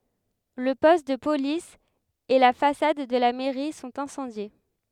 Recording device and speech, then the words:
headset microphone, read sentence
Le poste de Police et la façade de la mairie sont incendiés.

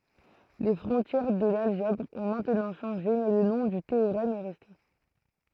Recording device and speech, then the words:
throat microphone, read sentence
Les frontières de l'algèbre ont maintenant changé mais le nom du théorème est resté.

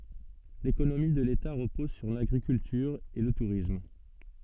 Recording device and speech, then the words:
soft in-ear microphone, read sentence
L'économie de l'État repose sur l'agriculture et le tourisme.

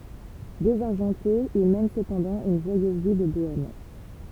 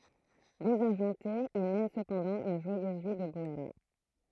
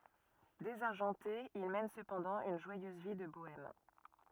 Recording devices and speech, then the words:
temple vibration pickup, throat microphone, rigid in-ear microphone, read sentence
Désargenté, il mène cependant une joyeuse vie de bohème.

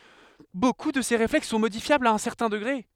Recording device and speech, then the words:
headset microphone, read sentence
Beaucoup de ces réflexes sont modifiables à un certain degré.

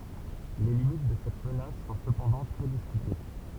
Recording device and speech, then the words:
temple vibration pickup, read sentence
Les limites de cette menace sont cependant très discutées.

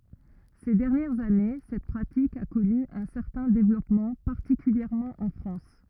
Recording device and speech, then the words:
rigid in-ear microphone, read sentence
Ces dernières années, cette pratique a connu un certain développement, particulièrement en France.

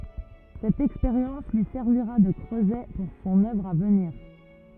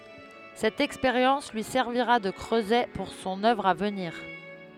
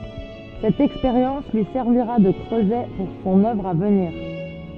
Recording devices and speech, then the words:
rigid in-ear microphone, headset microphone, soft in-ear microphone, read sentence
Cette expérience lui servira de creuset pour son œuvre à venir.

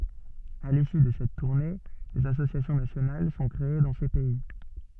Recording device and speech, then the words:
soft in-ear microphone, read sentence
À l'issue de cette tournée, des associations nationales sont créées dans ces pays.

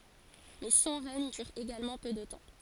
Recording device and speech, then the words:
forehead accelerometer, read sentence
Mais son règne dure également peu de temps.

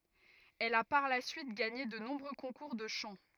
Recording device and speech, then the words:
rigid in-ear microphone, read sentence
Elle a par la suite gagné de nombreux concours de chant.

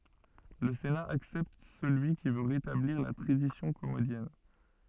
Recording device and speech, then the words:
soft in-ear microphone, read sentence
Le Sénat accepte celui qui veut rétablir la tradition commodienne.

